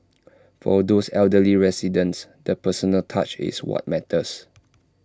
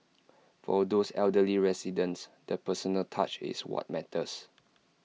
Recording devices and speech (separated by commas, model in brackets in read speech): standing microphone (AKG C214), mobile phone (iPhone 6), read sentence